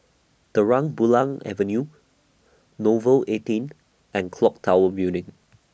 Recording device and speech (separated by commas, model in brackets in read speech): boundary microphone (BM630), read sentence